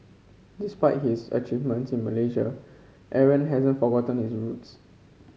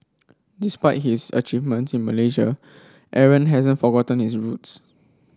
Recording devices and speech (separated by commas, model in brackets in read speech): mobile phone (Samsung C5), standing microphone (AKG C214), read sentence